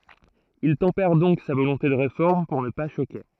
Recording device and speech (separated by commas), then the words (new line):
throat microphone, read sentence
Il tempère donc sa volonté de Réforme pour ne pas choquer.